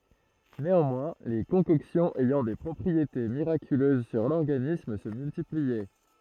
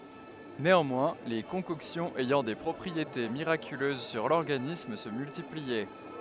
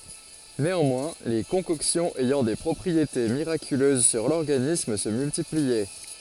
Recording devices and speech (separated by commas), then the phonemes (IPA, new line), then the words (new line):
throat microphone, headset microphone, forehead accelerometer, read sentence
neɑ̃mwɛ̃ le kɔ̃kɔksjɔ̃z ɛjɑ̃ de pʁɔpʁiete miʁakyløz syʁ lɔʁɡanism sə myltipliɛ
Néanmoins, les concoctions ayant des propriétés miraculeuses sur l'organisme se multipliaient.